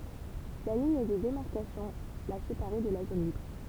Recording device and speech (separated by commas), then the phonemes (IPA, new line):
temple vibration pickup, read sentence
la liɲ də demaʁkasjɔ̃ la sepaʁɛ də la zon libʁ